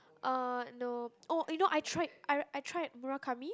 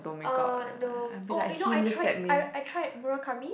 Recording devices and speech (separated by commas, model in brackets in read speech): close-talking microphone, boundary microphone, conversation in the same room